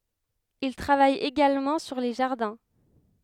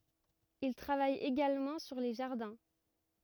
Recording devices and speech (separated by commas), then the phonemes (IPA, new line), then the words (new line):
headset microphone, rigid in-ear microphone, read sentence
il tʁavaj eɡalmɑ̃ syʁ le ʒaʁdɛ̃
Il travaille également sur les jardins.